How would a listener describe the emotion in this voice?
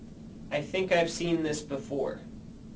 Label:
neutral